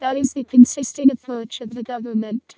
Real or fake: fake